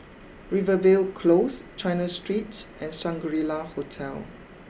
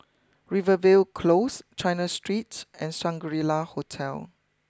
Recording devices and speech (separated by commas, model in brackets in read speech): boundary microphone (BM630), close-talking microphone (WH20), read sentence